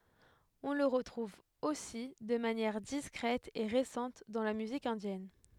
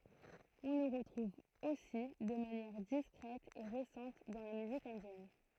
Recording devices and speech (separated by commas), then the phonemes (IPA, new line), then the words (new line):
headset microphone, throat microphone, read sentence
ɔ̃ lə ʁətʁuv osi də manjɛʁ diskʁɛt e ʁesɑ̃t dɑ̃ la myzik ɛ̃djɛn
On le retrouve aussi de manière discrète et récente dans la musique indienne.